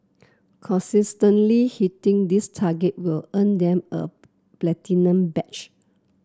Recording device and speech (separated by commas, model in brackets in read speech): close-talking microphone (WH30), read sentence